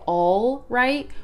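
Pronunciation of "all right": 'All right' is said in the full form, with the L still in it. This is the form that is not really said in American English, where the L is usually dropped.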